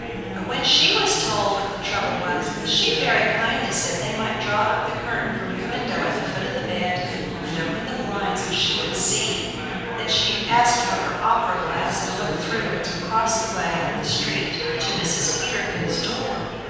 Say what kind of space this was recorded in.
A big, very reverberant room.